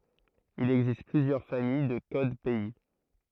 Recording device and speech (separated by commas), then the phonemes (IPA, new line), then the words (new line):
throat microphone, read sentence
il ɛɡzist plyzjœʁ famij də kod pɛi
Il existe plusieurs familles de codes pays.